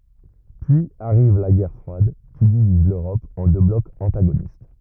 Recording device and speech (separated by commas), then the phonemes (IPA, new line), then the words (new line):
rigid in-ear microphone, read sentence
pyiz aʁiv la ɡɛʁ fʁwad ki diviz løʁɔp ɑ̃ dø blɔkz ɑ̃taɡonist
Puis arrive la guerre froide, qui divise l’Europe en deux blocs antagonistes.